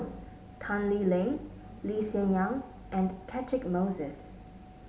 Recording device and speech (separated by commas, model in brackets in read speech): mobile phone (Samsung S8), read sentence